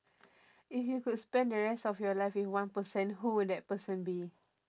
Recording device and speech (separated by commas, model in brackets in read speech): standing microphone, conversation in separate rooms